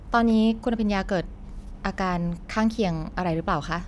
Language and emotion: Thai, neutral